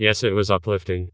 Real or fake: fake